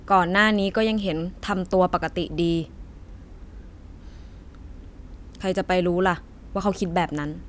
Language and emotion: Thai, frustrated